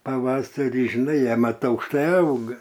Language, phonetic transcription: Lithuanian, paˈvasarį žiˈnai ˈjie ˈmat aukšˈtai ˈauga

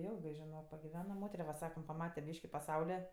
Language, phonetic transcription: Lithuanian, ˈjilgɜ žiˈnok pagiˈvena ˈmotere va ˈsakam paˈmate ˈbyški paˈsaule

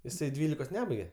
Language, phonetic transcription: Lithuanian, jiˈsai ˈdvylikos ˈnebaige

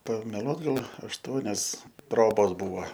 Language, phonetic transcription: Lithuanian, pameˈluot ˈgal ašˈtuonias ˈtrobos ˈbūva

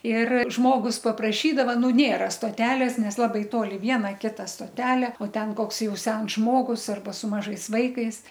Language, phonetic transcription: Lithuanian, ir ˈžmogus papraˈšydava ˈnu ˈnėra stoˈtelės ˈnes ˈlabai ˈtoli ˈviena ˈkita stoˈtelė o ˈten ˈkoks ˈjau ˈsens ˈžmogus ˈarba su ˈmažais ˈvaikais

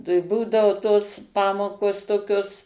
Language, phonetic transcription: Lithuanian, tai ˈbūdavo tos ˈpamokos toˈkios

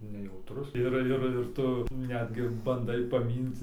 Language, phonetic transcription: Lithuanian, nejauˈtrus ˈir ˈir ˈir ˈtu ˈnetgi banˈdai paˈmynti

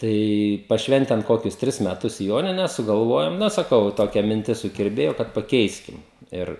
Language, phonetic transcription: Lithuanian, ˈtai paˈšventen ˈkokius ˈtris meˈtus ˈjonines sugalˈvojom ˈna saˈkau ˈtokia minˈtis sukirˈbėjo kad paˈkeiskim ˈir

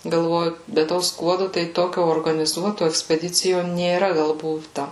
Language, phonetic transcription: Lithuanian, galˈvoju be ˈto ˈskuodu tai ˈtokio organiˈzuoto ekspeˈdicijo nėˈra ˈgal ˈbūta

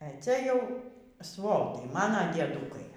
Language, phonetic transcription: Lithuanian, e ˈcia ˈjau ˈsvotai ˈmana diedˈūkai

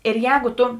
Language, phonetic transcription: Lithuanian, ir ˈjēgu ˈtu

